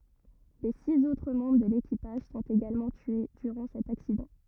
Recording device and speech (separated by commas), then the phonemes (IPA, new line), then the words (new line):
rigid in-ear microphone, read sentence
le siz otʁ mɑ̃bʁ də lekipaʒ sɔ̃t eɡalmɑ̃ tye dyʁɑ̃ sɛt aksidɑ̃
Les six autres membres de l'équipage sont également tués durant cet accident.